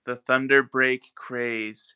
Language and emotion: English, neutral